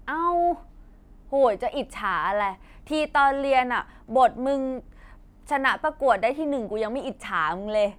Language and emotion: Thai, frustrated